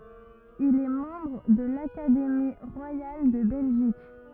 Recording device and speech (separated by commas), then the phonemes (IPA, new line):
rigid in-ear microphone, read sentence
il ɛ mɑ̃bʁ də lakademi ʁwajal də bɛlʒik